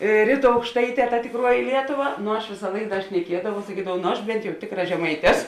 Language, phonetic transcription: Lithuanian, ˈryˌtų aukšˈtaiˌtē ta tikˈruoji ˈlietuˌva nu aš ˈvisa ˈlaik ˈda šneˈkiedavau saˈkydavau ˈnu aš ˈbent jau ˈtikˌra žeˈmait' ˈes

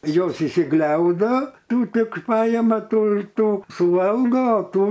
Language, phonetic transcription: Lithuanian, ˈjos išsiˈgliaudo ˈtų ˈtik ˈpajama ˈtų ir ˈtų suˈvalga o ˈtų

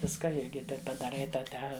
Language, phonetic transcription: Lithuanian, ˈviska ˈirgi ˈtaip padaˈrai ˈtą ˈte

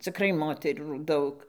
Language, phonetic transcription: Lithuanian, ciˈkrai ˈmoterų ˈdaug

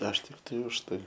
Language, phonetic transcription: Lithuanian, aš ˈtiktai už ˈtai

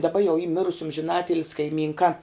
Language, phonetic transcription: Lithuanian, daˈba jau y ˈmirus amžiˈnatilis' kaiˈmynka

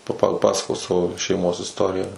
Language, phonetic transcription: Lithuanian, pa paˈpasakos ˈsavo šeiˈmos isˈtoriją

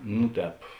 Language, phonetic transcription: Lithuanian, nu ˈtēp

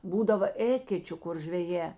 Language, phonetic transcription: Lithuanian, ˈbūdava ˈėkečiu kur žveˈjē

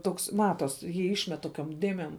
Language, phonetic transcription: Lithuanian, ˈtoks ˈmatos ˈjį ˈišmet ˈtokiom ˈdėmėm

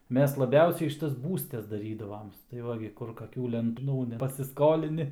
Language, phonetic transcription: Lithuanian, ˈmes laˈbiausiai ˈšitas ˈbūstes ˈdarydavoms tai ˈva gi ˈkur kaˈkių lenˈtų pasisˈkolini

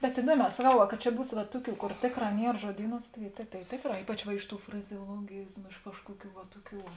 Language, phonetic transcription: Lithuanian, bet iˈduoˌmē saˈkau va ka ˈčia ˈbūs va ˈtuˌkių ˈkor ˈtėkˌrā ˈnier žuoˈdyˌnūs tai tai ˈtėkˌrā ˈypač va ˈiš ˌtų frazeoloˈgyzmu iš ˈkažkuoˌkių va ˈtuoˌkių

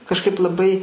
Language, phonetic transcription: Lithuanian, kažˈkaip laˈbai

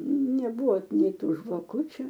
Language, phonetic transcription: Lithuanian, neˈbuo ˈnei ˈtų žvaˈkučiu

